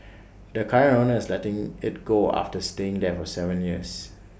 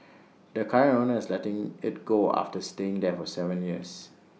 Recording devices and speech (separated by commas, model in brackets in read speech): boundary microphone (BM630), mobile phone (iPhone 6), read sentence